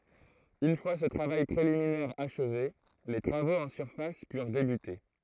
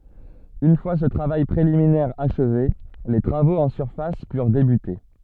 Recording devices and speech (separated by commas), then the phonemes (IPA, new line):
throat microphone, soft in-ear microphone, read sentence
yn fwa sə tʁavaj pʁeliminɛʁ aʃve le tʁavoz ɑ̃ syʁfas pyʁ debyte